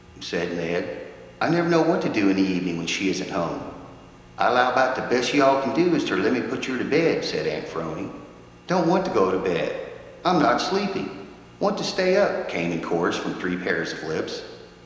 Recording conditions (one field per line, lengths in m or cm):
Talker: one person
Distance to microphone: 1.7 m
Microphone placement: close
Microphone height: 1.0 m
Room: very reverberant, large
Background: none